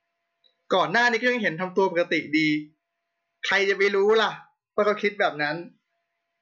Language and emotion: Thai, neutral